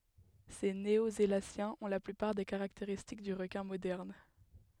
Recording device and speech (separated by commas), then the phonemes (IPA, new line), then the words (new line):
headset microphone, read sentence
se neozelasjɛ̃z ɔ̃ la plypaʁ de kaʁakteʁistik dy ʁəkɛ̃ modɛʁn
Ces néosélaciens ont la plupart des caractéristiques du requin moderne.